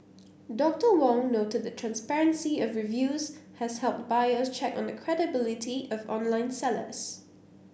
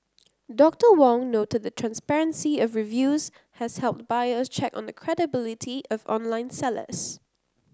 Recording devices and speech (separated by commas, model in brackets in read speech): boundary microphone (BM630), close-talking microphone (WH30), read sentence